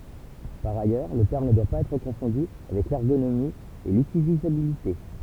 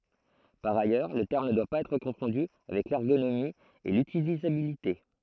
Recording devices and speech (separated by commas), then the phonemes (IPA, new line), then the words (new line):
temple vibration pickup, throat microphone, read sentence
paʁ ajœʁ lə tɛʁm nə dwa paz ɛtʁ kɔ̃fɔ̃dy avɛk lɛʁɡonomi e lytilizabilite
Par ailleurs, le terme ne doit pas être confondu avec l’ergonomie et l’utilisabilité.